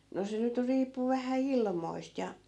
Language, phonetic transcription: Finnish, no 'se nyt 'riippu vähä "ilmoist ja .
- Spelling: no se nyt riippui vähän ilmoista ja

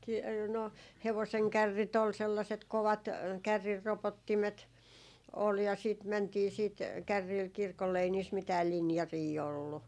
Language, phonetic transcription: Finnish, ki- , no 'hevoseŋ "kärrit ‿ol 'sellaset 'kovat , 'kärrirropottimet , ol ja sìt 'mäntii siit , 'kärriil "kirkolle ei niis 'mitääl "linjarii ollu .
- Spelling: - no hevosen kärrit oli sellaiset kovat kärrinropottimet oli ja sitten mentiin sitten kärreillä kirkolle ei niissä mitään linjaria ollut

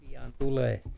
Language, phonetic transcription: Finnish, pian tulee .
- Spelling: pian tulee

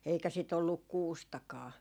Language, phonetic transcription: Finnish, eikä sit olluk "kuustakaa .
- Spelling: eikä sitä ollut kuustakaan

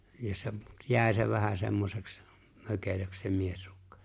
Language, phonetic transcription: Finnish, ja se , 'jä̀e se vähä 'semmoseks , 'mökelöks se 'miesʀᴜkkᴀ .
- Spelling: ja se jäi se vähän semmoiseksi mökelöksi se miesrukka

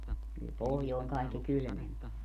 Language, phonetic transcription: Finnish, kyl 'pohjòeŋ kàekki "kylmemp ‿o .
- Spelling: kyllä pohjoinen kaikkein kylmempi on

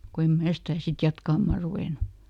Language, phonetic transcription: Finnish, ko em ˈmää stää sit "jatkammà ruvènu .
- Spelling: kun en minä sitä sitten jatkamaan ruvennut

